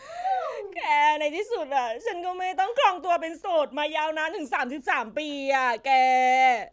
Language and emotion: Thai, happy